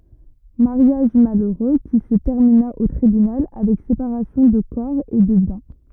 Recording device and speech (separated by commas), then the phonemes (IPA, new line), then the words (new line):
rigid in-ear microphone, read sentence
maʁjaʒ maløʁø ki sə tɛʁmina o tʁibynal avɛk sepaʁasjɔ̃ də kɔʁ e də bjɛ̃
Mariage malheureux qui se termina au tribunal avec séparation de corps et de biens.